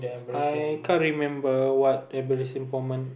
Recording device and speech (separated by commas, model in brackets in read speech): boundary microphone, conversation in the same room